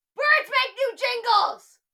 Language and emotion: English, angry